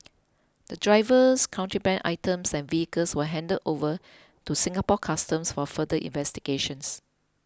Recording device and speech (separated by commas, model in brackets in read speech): close-talking microphone (WH20), read sentence